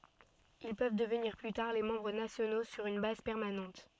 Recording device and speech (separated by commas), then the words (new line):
soft in-ear microphone, read sentence
Ils peuvent devenir plus tard les membres nationaux sur une base permanente.